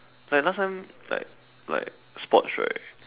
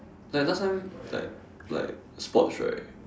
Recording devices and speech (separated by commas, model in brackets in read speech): telephone, standing microphone, conversation in separate rooms